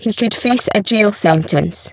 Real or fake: fake